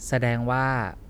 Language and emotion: Thai, neutral